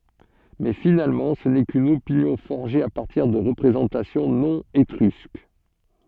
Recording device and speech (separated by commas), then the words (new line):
soft in-ear microphone, read sentence
Mais finalement ce n'est qu'une opinion forgée à partir de représentations non étrusques.